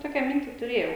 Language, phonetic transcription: Lithuanian, ˈtokia ˈminti tuˈrėjau

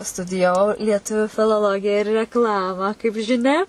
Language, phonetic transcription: Lithuanian, studijaˈvau lieˈtuviu filoˈlogija ir rekˈlamą kaip žiˈnia

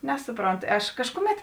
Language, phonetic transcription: Lithuanian, ˈnesuˌpront ˈaš ˈkažkuˌmet

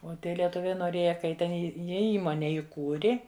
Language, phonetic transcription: Lithuanian, o ˈtie lieˈtuviai noˈrėja ka ˈji ten ˈji ˈjie ˈįmone iˈkūri

